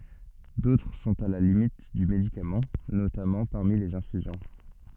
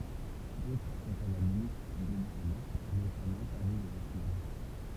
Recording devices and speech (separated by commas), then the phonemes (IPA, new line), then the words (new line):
soft in-ear microphone, temple vibration pickup, read sentence
dotʁ sɔ̃t a la limit dy medikamɑ̃ notamɑ̃ paʁmi lez ɛ̃fyzjɔ̃
D'autres sont à la limite du médicament, notamment parmi les infusions.